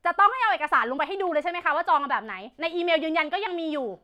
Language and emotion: Thai, angry